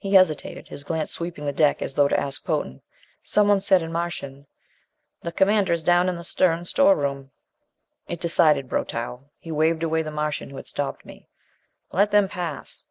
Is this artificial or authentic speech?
authentic